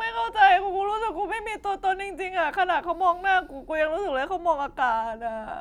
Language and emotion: Thai, sad